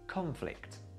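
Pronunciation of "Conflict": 'Conflict' is said as the noun, with the stress at the beginning of the word, on the first syllable.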